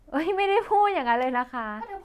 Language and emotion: Thai, happy